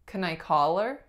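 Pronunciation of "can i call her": In 'can I call her', the stress is on 'call'.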